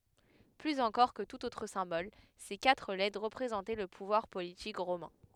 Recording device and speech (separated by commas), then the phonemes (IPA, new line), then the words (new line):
headset microphone, read sentence
plyz ɑ̃kɔʁ kə tut otʁ sɛ̃bɔl se katʁ lɛtʁ ʁəpʁezɑ̃tɛ lə puvwaʁ politik ʁomɛ̃
Plus encore que tout autre symbole, ces quatre lettres représentaient le pouvoir politique romain.